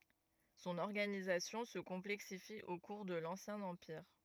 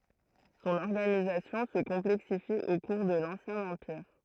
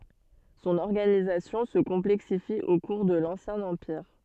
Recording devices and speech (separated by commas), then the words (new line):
rigid in-ear microphone, throat microphone, soft in-ear microphone, read sentence
Son organisation se complexifie au cours de l'Ancien Empire.